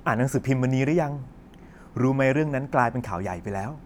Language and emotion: Thai, neutral